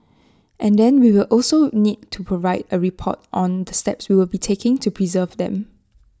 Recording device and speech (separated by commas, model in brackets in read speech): standing microphone (AKG C214), read sentence